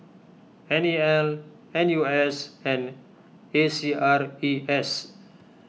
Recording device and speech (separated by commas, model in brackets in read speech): mobile phone (iPhone 6), read sentence